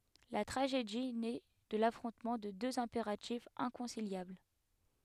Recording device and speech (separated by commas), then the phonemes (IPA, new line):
headset microphone, read sentence
la tʁaʒedi nɛ də lafʁɔ̃tmɑ̃ də døz ɛ̃peʁatifz ɛ̃kɔ̃siljabl